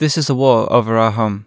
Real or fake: real